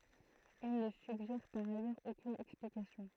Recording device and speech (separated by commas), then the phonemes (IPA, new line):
throat microphone, read sentence
il nə syɡʒɛʁ paʁ ajœʁz okyn ɛksplikasjɔ̃